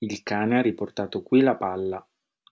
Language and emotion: Italian, neutral